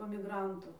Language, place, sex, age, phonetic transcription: Lithuanian, Dzūkija, female, 18-60, po miˈgrantų

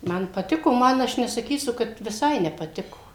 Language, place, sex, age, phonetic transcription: Lithuanian, Suvalkija, female, 60+, ˈman paˈtiko ˈman ˈaš nesaˈkysu kad viˈsai nepaˈtiko

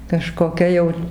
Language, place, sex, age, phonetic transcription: Lithuanian, Dzūkija, female, 60+, kažkoˈkia jau

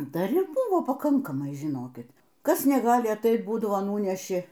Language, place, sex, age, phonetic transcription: Lithuanian, Aukštaitija, female, 60+, dar ir ˈbuvo paˈkankamai žiˈnokit ˈkas neˈgali atait ˈbūdavo ˈnūneši

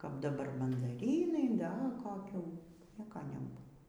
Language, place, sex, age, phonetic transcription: Lithuanian, Aukštaitija, female, 60+, kap daˈbar mandaˈrynai ˈda koˈkių ˈnieka neˈbūvo

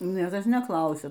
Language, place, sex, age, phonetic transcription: Lithuanian, Aukštaitija, female, 60+, niekas neˈklausia

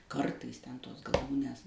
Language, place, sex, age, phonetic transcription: Lithuanian, Suvalkija, female, 60+, ˈkartais ˈten ˈtos gaˈlūnės

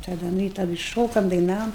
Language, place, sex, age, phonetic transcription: Lithuanian, Aukštaitija, female, 60+, taˈda ˈnu i taˈdɨ ˈšokam daiˈnavom

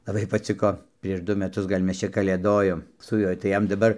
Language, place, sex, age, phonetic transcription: Lithuanian, Dzūkija, male, 60+, laˈbai paˈciko prieš ˈdu meˈtus gal' ˈmes ˈčia kalėˈdojom su ˈjuoj tai ˈjam daˈbar

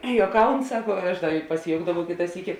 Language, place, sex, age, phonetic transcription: Lithuanian, Žemaitija, female, 18-60, juoˈkaun ˈsako ˈaš ˈda pasiˈjoukdavau ˈkita ˈsyki

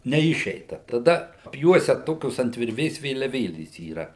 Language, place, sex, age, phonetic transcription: Lithuanian, Suvalkija, male, 60+, neˈišeita taˈda apˈjuosia ˈtokios ant virˈvės vėliaˈvėlės yˈra

